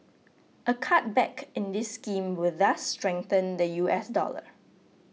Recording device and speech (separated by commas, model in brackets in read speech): mobile phone (iPhone 6), read sentence